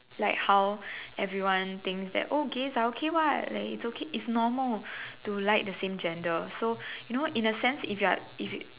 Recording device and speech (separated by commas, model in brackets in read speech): telephone, conversation in separate rooms